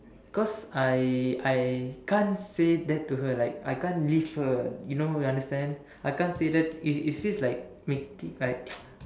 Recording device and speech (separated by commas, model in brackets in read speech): standing microphone, conversation in separate rooms